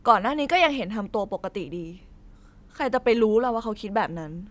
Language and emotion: Thai, frustrated